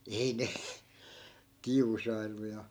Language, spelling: Finnish, ei ne kiusaillut ja
- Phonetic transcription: 'ei ne , 'kiusaillu ja ,.

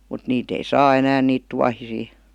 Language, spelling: Finnish, mutta niitä ei saa enää niitä tuohisia
- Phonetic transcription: mut 'niit ‿ei "saa 'enään niit 'tuahisii .

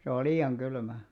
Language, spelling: Finnish, se on liian kylmä
- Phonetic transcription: se ol̆§ "lii₍aŋ 'ɢylmä .

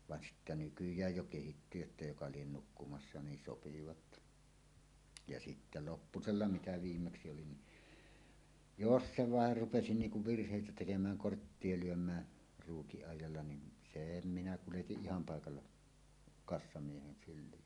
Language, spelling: Finnish, vaan sitten nykyään jo kehittyi jotta joka lie nukkumassa niin sopivat ja sitten lopuksi mitä viimeksi oli niin jos se vain rupesi niin kuin virheitä tekemään korttia lyömään ruukin ajalla niin sen minä kuljetin ihan paikalla kassamiehen syliin
- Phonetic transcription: 'van sittä "nykyj̀äj jo kehitty jotta "joka 'lien 'nukkumassa 'niin "sopivat , ja sittä "loppusella "mitä 'viimmeksi oli ni , "jos "se "vàer 'rupesi 'niiŋ kuv "virh̀èitä tekemään "korttie 'luöm̀ää , ruukiˀ ˀàij̆jalla nim̳ , "sèm minä kuletiˀ "ˀiham 'pàekalla , 'kassamiehen syl̆lii .

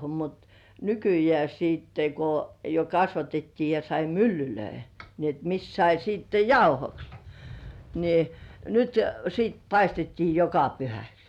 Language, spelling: Finnish, mutta nykyään sitten kun jo kasvatettiin ja sai myllyjä niin että missä sai sitten jauhoksi niin nyt sitten paistettiin joka pyhäksi
- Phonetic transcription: mut , ny-kyjĕä̀ siitte ko , jo 'kasvatettii ja sai "myllylöi , ni et 'mis sai siitte "jauhoks , ni , 'nyt siit paistettii "joka 'pyhäks .

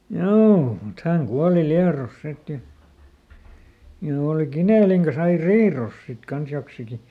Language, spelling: Finnish, joo mutta hän kuoli Liedossa sitten ja ja oli Kinelin kanssa aina riidoissa sitten kanssa joksikin
- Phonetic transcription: "joo , mut ˈhäŋ ˈkuali ˈLiaros ˈsit ja , ja òli "Kinèliŋ kas ‿ai "riiròs sit ˈkans joksiki .

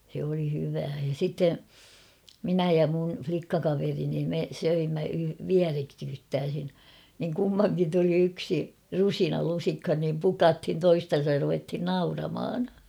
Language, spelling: Finnish, se oli hyvää ja sitten minä ja minun likkakaverini me söimme vierekkäin niin kummankin tuli yksi rusina lusikkaan niin pukattiin toisiansa ja ruvettiin - nauramaan
- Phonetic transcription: se oli 'hyvää ja 'sitte , "minä ja mun͕̬ 'flikkakaverini me 'söimmä "viäreksyttääsin , niŋ 'kummaŋkin tuli 'yksi , "rusina 'lusikhan niim "pukathin 'toistan̬saj ja ruvethin "naurama̳ a̳n .

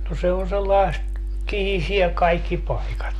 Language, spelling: Finnish, no se on sellaista kihisee kaikki paikat
- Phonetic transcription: no 'se on 'sellaest , "kihisie kaikki 'paikat .

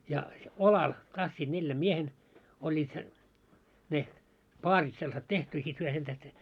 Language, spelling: Finnish, ja olalla tassivat neljän miehen - olivat se ne paarit sellaiset tehty ja sitten he sen tähden
- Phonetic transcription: ja , 'olal , 'tassiiᴅ 'neljäm 'miehen , o ĺĺiit se , ne , "paarit sellᵃset 'tehty ja sit hyö sen tähte ,.

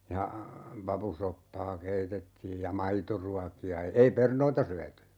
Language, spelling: Finnish, ja papusoppaa keitettiin ja maitoruokia ei perunoita syöty
- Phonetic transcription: ja , 'papusoppaa "keitettiij ja 'maitoruaki₍a , 'ei "pernoita 'syäty .

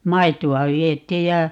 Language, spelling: Finnish, maitoa vietiin ja
- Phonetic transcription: "maitu₍a 'viet̀iij ja , .

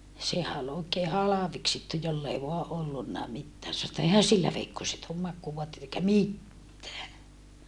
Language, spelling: Finnish, sehän oli oikein halveksittu jolla ei vain ollutkaan mitään sanoi että eihän sillä veikkoset ole makuuvaatteita eikä mitään
- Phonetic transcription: sehä ol ‿ookee halaveksittu joll ‿ei voa ʼollunnà mittää sano että » eihän sillä veikkoset oom makkuuvoatteit ‿eikä mittää » .

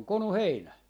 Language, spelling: Finnish, se on konu heinä
- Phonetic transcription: 'se oŋ "konu "heinä .

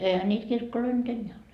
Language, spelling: Finnish, eihän niitä kirkkoja nyt enää ole
- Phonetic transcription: 'eihä niit 'kirkkoloi nyt 'enneä ole .

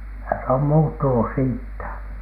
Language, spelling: Finnish, kyllä se on muuttunut siitä
- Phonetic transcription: (kylä) se om "muuttunus 'siittä .

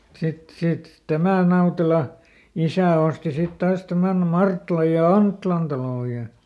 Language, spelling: Finnish, mutta sitten sitten tämän Nautelan isä osti sitten taas tämän Marttilan ja Anttilan talon ja
- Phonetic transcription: (mut) ˈsit ˈsit , "tämä̀n̆ ˈNautela , ˈisä̀ osti ˈsit ˈtaas ˈtämän "Martlaj ja "Anttⁱlan talò ja ,.

